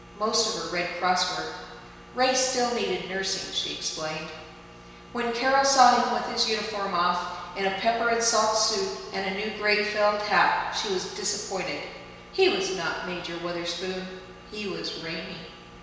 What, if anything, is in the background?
Nothing.